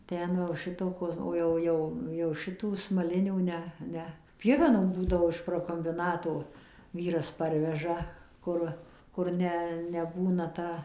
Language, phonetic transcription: Lithuanian, ˈten va jau ˈšitokos o ˈjau ˈjau jau ˈšitų smaˈlinių ˈne ˈne ˈpjuvenom ˈbūdavo iš prokombiˈnato ˈvyras ˈparveža ˈkur ˈkur ne neˈbūna ˈta

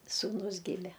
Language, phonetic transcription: Lithuanian, sūˈnus ˈgime

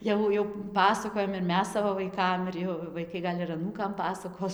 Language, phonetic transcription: Lithuanian, ˈjau jau ˈpasakojam ir ˈmes ˈsavo vaiˈkam ir ˈjau vaiˈkai gal' ir aˈnūkam ˈpasakos

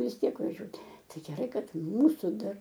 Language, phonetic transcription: Lithuanian, vis ˈtiek vaˈžiuot' ˈtai geˈrai ˈkad ˈmūsu ˈdar

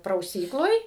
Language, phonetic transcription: Lithuanian, prauˈsykloj

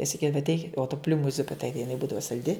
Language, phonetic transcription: Lithuanian, i saˈkydava atˈeikit o tu ˈpliūmu ˈzupi ˈtaigi jiˈnai ˈbūdava salˈdi

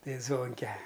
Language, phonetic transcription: Lithuanian, ˈtai ˈzvonke

